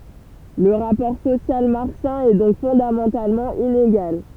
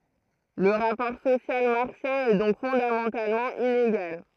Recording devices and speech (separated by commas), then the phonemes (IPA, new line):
temple vibration pickup, throat microphone, read sentence
lə ʁapɔʁ sosjal maʁksjɛ̃ ɛ dɔ̃k fɔ̃damɑ̃talmɑ̃ ineɡal